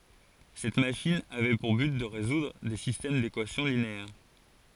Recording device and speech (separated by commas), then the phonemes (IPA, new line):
forehead accelerometer, read sentence
sɛt maʃin avɛ puʁ byt də ʁezudʁ de sistɛm dekwasjɔ̃ lineɛʁ